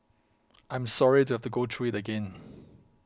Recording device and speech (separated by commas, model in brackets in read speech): close-talking microphone (WH20), read sentence